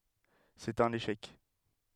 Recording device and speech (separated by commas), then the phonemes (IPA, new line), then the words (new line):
headset microphone, read sentence
sɛt œ̃n eʃɛk
C'est un échec.